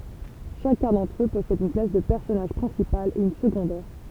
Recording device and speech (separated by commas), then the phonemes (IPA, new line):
temple vibration pickup, read sentence
ʃakœ̃ dɑ̃tʁ ø pɔsɛd yn klas də pɛʁsɔnaʒ pʁɛ̃sipal e yn səɡɔ̃dɛʁ